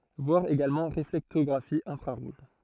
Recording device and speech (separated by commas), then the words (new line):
throat microphone, read sentence
Voir également Réflectographie infrarouge.